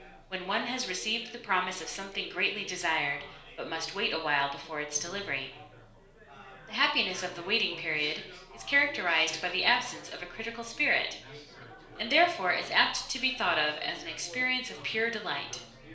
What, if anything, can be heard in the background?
Crowd babble.